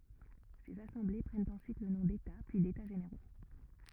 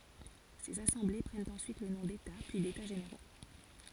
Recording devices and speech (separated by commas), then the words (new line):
rigid in-ear microphone, forehead accelerometer, read sentence
Ces assemblées prennent ensuite le nom d'états puis d'états généraux.